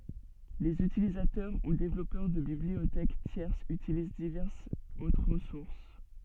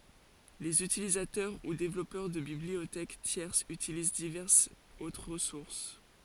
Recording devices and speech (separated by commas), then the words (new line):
soft in-ear microphone, forehead accelerometer, read sentence
Les utilisateurs ou développeurs de bibliothèques tierces utilisent diverses autres ressources.